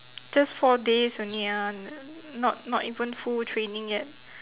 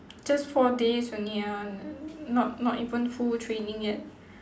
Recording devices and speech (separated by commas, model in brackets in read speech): telephone, standing microphone, conversation in separate rooms